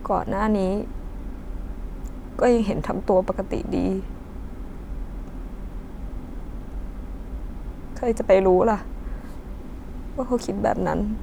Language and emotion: Thai, sad